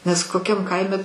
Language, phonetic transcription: Lithuanian, nes koˈkiam ˈkaime

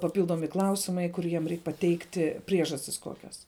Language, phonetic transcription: Lithuanian, paˈpyldomi ˈklausimai ˈkur jiem ˈreik paˈteikti ˈpriežastis ˈkokias

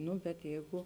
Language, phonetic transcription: Lithuanian, ˈnu bet ˈjeigu

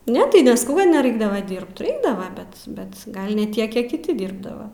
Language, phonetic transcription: Lithuanian, ˈne tai nesˈkau kad neraiˈkdava ˈdyrbt reikˈdava ˈbet bet ˈgal ne ˈtiek ˈkiek kiˈti ˈdyrbdava

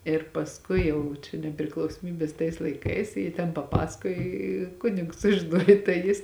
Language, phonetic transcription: Lithuanian, ir pasˈkui ˈjau čia nepriklausoˈmybės tais laiˈkais ˈji ten paˈpasakoj i ˈkunigs sužiˈnuoj tai ˈjis

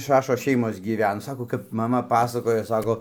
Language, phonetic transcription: Lithuanian, ˈšašos ˈšeimos gyˈven ˈsako kap ˈmama ˈpasakojo ˈsako

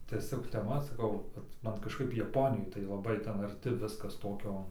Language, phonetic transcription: Lithuanian, tieˈsiog teˈma saˈkau kad ˈman kažˈkaip jaˈponijoj tai laˈbai ˈtenˈ arti ˈviskas ˈtokio

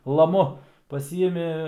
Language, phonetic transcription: Lithuanian, laˈmu paˈsyimi

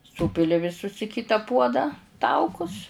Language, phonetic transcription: Lithuanian, ˈsūpili viˈsus i ˈkita ˈpuodą ˈtaukus

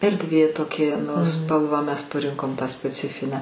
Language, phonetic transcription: Lithuanian, erdˈvė toˈkie nu ˈspalvą ˈmes paˈrinkom tą speˈcifinę

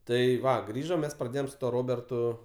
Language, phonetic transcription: Lithuanian, ˈtai ˈva ˈgrįžom ˈmes praˈdėjom su ˈtuo ˈrobertu

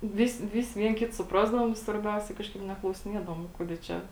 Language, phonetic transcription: Lithuanian, ˈvisi ˈvisi ˈvien ˈkit suˈprasdavom i svarˈbiausia ˈkažkaip neklausiˈniedavom ˈkuodė ˈčia

